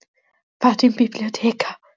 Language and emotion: Italian, fearful